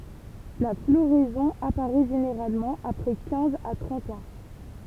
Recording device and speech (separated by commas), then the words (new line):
temple vibration pickup, read sentence
La floraison apparaît généralement après quinze à trente ans.